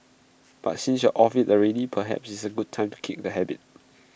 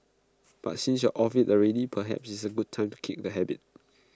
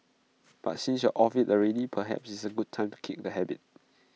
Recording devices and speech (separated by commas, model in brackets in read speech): boundary microphone (BM630), close-talking microphone (WH20), mobile phone (iPhone 6), read sentence